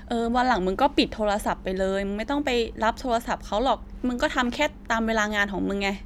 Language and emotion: Thai, frustrated